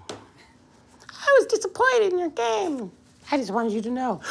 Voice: High pitched voice